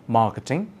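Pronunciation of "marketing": In 'marketing', the r is silent.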